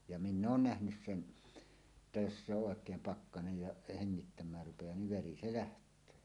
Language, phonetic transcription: Finnish, ja "minn ‿oon "nähnys "sen , [et]tä jos se "òek̀eem 'pakkanej ja heŋŋittäm̀äär rupejaa niv "veri 'se "läht̀öö .
- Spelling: ja minä olen nähnyt sen että jos se oikein pakkanen ja hengittämään rupeaa niin veri se lähtee

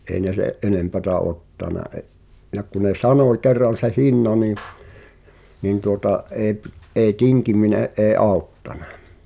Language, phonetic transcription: Finnish, 'ei ne "se’ '’enempätä 'ottana e’- , ja ku ne "sanoⁱ kerran̬ se 'hinna nii , nìn tuota , ’ee p- , eeⁱ "tiŋkimine’ ’ee 'auttanᴀ .
- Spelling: ei ne sen enempää ottanut - ja kun ne sanoi kerran sen hinnan niin niin tuota ei - ei tinkiminen ei auttanut

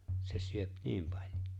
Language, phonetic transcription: Finnish, 'se 'syöp "niim paĺ̀jᴏ .
- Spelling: se syö niin paljon

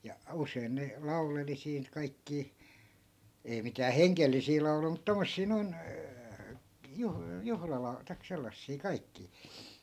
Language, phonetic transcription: Finnish, ja 'usein ne , 'lauleli siin , 'kaikkii , 'ei mitää "heŋkellisii 'lau̬lui mut 'tommossii noin , 'juh- , 'juhlala- , taik 'sellassii 'kaikkii .
- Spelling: ja usein ne lauleli siinä kaikkia ei mitään hengellisiä lauluja mutta tuommoisia noin - - tai sellaisia kaikkia

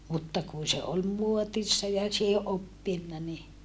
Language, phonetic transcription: Finnish, mutta kun̬ se ol muotissa ja siihe ʼoppinna ni ,.
- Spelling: mutta kun se oli muodissa ja siihen oppinut niin

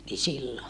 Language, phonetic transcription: Finnish, ni sillo .
- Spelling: niin silloin

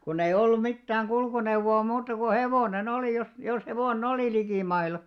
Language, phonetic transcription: Finnish, kunneⁱ 'ollum 'mittääŋ "ɢulkuneuʷo₍a 'muuta ku "hevòne'n ‿olì jos , jos 'hevò"n ‿olì likìmaila .
- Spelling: kun ei ollut mitään kulkuneuvoa muuta kuin hevonen oli jos jos hevonen oli likimailla

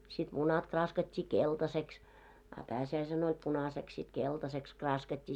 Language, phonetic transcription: Finnish, sit munat 'kraaskat́t́ii "keltaseks , a 'pääsi₍äisen ‿oĺ 'punaseks sit 'keltaseks kraaskat́t́ii .
- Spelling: sitten munat kraaskattiin keltaiseksi a pääsiäisenä oli punaiseksi sitten keltaiseksi kraaskattiin

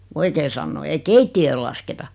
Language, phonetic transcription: Finnish, ku 'oikee sannoo ei "keitti₍öö(l) lasketa .
- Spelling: kun oikein sanoo ei keittiötä lasketa

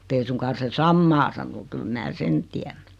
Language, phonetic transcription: Finnish, [mu]'t ‿ei suŋ-kan̬ 'se "sammaa sano 'kyl mää "sen tiän .
- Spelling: mutta ei suinkaan se samaa sano kyllä minä sen tiedän

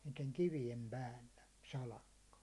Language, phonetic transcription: Finnish, niiteŋ kivijem 'päällä , 'salakka .
- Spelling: niiden kivien päällä salakka

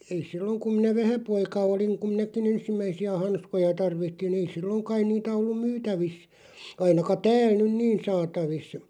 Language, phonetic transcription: Finnish, ei 'silloŋ kuᵐ minä "vähäpoika 'oliŋ kum 'minäki"n ‿ensimmäisi₍ä 'hanskoja 'tarvitti'n ‿ei "silloŋ kaiⁿ 'niitä 'ollum "myytävis , 'ainaka "tääl nyn "niin 'saatavis .
- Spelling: ei silloin kun minä vähäpoika olin kun minäkin ensimmäisiä hanskoja tarvitsin ei silloin kai niitä ollut myytävissä ainakaan täällä nyt niin saatavissa

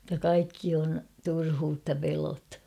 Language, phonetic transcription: Finnish, [et]tä 'kaikki on , "turhuutta 'pelo̳t .
- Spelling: että kaikki on turhuutta pelot

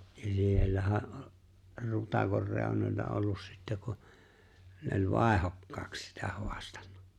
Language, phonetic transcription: Finnish, ja 'siellähä (oĺ) , 'Rutakor 'reunoĺla ollus 'sittä ku , ne ‿oĺ "vài̬hokkaaks sitä 'hoastan̆nᴀ .
- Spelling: ja siellähän oli Rutakon reunoilla ollut sitten kun ne oli vaihdokkaaksi sitä haastanut

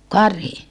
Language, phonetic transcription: Finnish, karhi ?
- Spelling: karhi

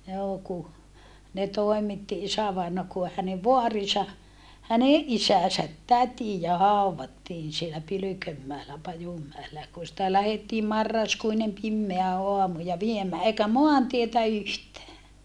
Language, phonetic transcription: Finnish, joo ku , ne toemitti isävaina ku hänev voarisa , häneʼ ʼisäsät tätijä hàuwvattiin sielä Pylykömmäelä Pajummäelä ja kun̬ sⁱtä lähettiim marraskuinem pimmeä oamu ja viemää eikä moantietä yhtää .
- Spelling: joo kun ne toimitti isävainaja kun hänen vaarinsa hänen isänsä tätiä haudattiin siellä Pylkönmäellä Pajunmäellä ja kun sitä lähdettiin marraskuinen pimeä aamu ja viemään eikä maantietä yhtään

